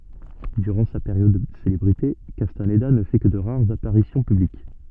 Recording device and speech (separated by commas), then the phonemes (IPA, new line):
soft in-ear microphone, read sentence
dyʁɑ̃ sa peʁjɔd də selebʁite kastanda nə fɛ kə də ʁaʁz apaʁisjɔ̃ pyblik